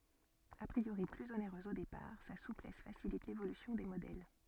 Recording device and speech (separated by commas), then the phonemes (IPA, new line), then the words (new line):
soft in-ear microphone, read sentence
a pʁioʁi plyz oneʁøz o depaʁ sa suplɛs fasilit levolysjɔ̃ de modɛl
A priori plus onéreuse au départ, sa souplesse facilite l'évolution des modèles.